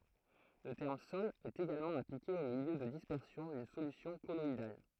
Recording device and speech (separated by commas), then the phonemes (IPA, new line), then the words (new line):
throat microphone, read sentence
lə tɛʁm sɔl ɛt eɡalmɑ̃ aplike o miljø də dispɛʁsjɔ̃ dyn solysjɔ̃ kɔlɔidal
Le terme sol est également appliqué au milieu de dispersion d'une solution colloïdale.